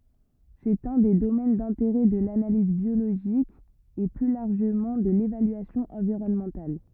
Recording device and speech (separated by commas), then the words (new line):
rigid in-ear microphone, read sentence
C'est un des domaines d'intérêt de l'analyse biologique et plus largement de l'évaluation environnementale.